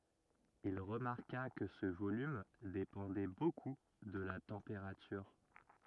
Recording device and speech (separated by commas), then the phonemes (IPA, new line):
rigid in-ear microphone, read sentence
il ʁəmaʁka kə sə volym depɑ̃dɛ boku də la tɑ̃peʁatyʁ